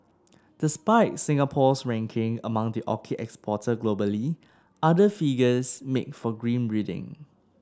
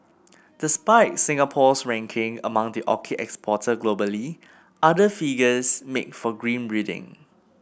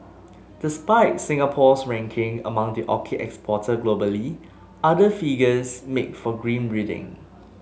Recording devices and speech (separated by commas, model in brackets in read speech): standing microphone (AKG C214), boundary microphone (BM630), mobile phone (Samsung S8), read sentence